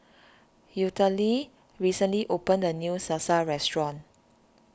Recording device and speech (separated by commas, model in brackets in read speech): standing microphone (AKG C214), read sentence